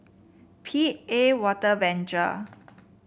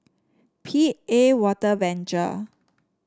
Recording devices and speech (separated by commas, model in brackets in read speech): boundary microphone (BM630), standing microphone (AKG C214), read sentence